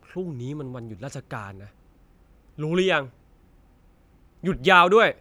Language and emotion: Thai, angry